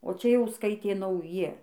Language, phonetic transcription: Lithuanian, o ˈčia jau ˈskaitė nauˈji

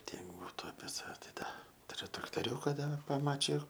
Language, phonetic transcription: Lithuanian, ˈtiek ˈbūtu apie saˈve tai ˈda tuˈriu traktoˈriūka dar paˈmačiju

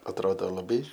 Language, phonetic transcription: Lithuanian, atˈrodo laˈbai

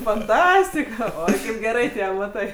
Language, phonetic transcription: Lithuanian, fanˈtastika ˈoi kaip geˈrai ˈtie amaˈtai

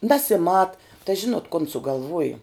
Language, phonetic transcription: Lithuanian, nesiˈmat tai ˈžinot kon sugalˈvuoju

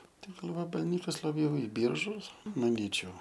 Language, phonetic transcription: Lithuanian, ˈten gal vabalˈnykas laˈbjau i ˈbyržus maˈnyčiau

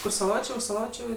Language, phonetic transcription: Lithuanian, kur saˈločė už saˈločiu

